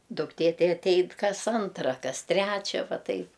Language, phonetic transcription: Lithuanian, dukˈtė ˈtai atˈein ˈkas ˈantra ˈkas ˈtrečia ˈva ˈtaip

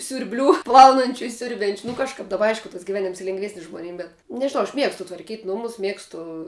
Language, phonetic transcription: Lithuanian, siurˈblių ˈplaunančiu i ˈsiurbiančiu nu kažˈkap daˈba ˈaišku tas giˈvenims lėngˈvesnis žmoˈnim bet nežiˈnau aš ˈmiegstu tvarˈkyt' ˈnumus ˈmiegstu

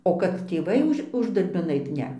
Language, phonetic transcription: Lithuanian, o kad tėˈvai už ˈuždarbin ˈait ˈne

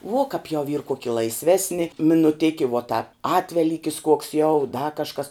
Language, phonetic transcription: Lithuanian, vuo kap jau yr ˈkoki laisˈvesni minuˈtiki vuot tāp ˈatvelykis ˈkuoks jau da kažˈkas

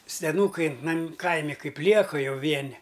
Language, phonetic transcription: Lithuanian, seˈnūkai nam ˈkaimi ˈkaip ˈlieka ˈjau ˈvieni

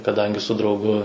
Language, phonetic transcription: Lithuanian, kaˈdangi su drauˈgu

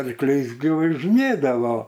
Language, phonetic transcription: Lithuanian, arkˈliais gi važiˈnėdavo

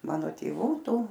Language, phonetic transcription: Lithuanian, ˈmano tėˈvų ˈtų

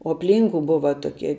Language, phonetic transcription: Lithuanian, o apˈlynku ˈbuva toˈkie

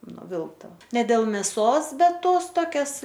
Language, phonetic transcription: Lithuanian, nuˈvilkta ne ˈdėl meˈsos ˈbet ˈtos ˈtokias

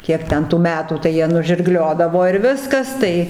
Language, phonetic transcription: Lithuanian, ˈkiek ˈten tų ˈmetų tai ˈjie nužirˈgliodavo ir ˈviskas ˈtai

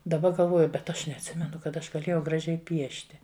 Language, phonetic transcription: Lithuanian, daˈba galˈvoju bet ˈaš neatˈsimenu kad ˈaš gaˈlėjau graˈžiai ˈpiešti

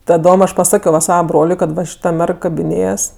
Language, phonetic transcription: Lithuanian, taˈdom ˈaš paˈsakio va ˈsava ˈbroliui kad ˈva šiˈta ˈmerg kabiˈnėjas

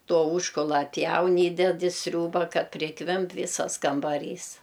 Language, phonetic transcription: Lithuanian, ˈto ˈūžkula atˈpjaun ˈįded i ˈsriūba ˈkad priˈkvimp ˈvysas kambaˈrys

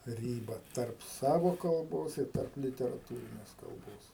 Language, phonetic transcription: Lithuanian, ˈryba tarp ˈsavo kalˈbos ir ˈtarp literaˈtūrinės kalˈbos

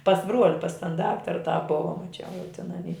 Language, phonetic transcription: Lithuanian, pas ˈbruoli pas tan ˈdaktara tą ˈbuva maˈčiau jau tin aˈny

